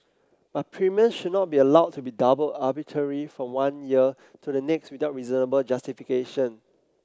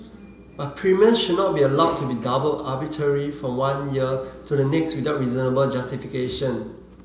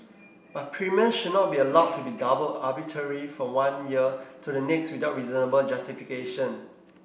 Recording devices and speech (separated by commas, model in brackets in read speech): close-talking microphone (WH30), mobile phone (Samsung C7), boundary microphone (BM630), read sentence